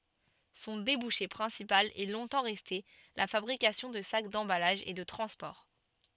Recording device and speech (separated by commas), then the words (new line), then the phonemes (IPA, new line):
soft in-ear microphone, read sentence
Son débouché principal est longtemps resté la fabrication de sacs d'emballage et de transport.
sɔ̃ debuʃe pʁɛ̃sipal ɛ lɔ̃tɑ̃ ʁɛste la fabʁikasjɔ̃ də sak dɑ̃balaʒ e də tʁɑ̃spɔʁ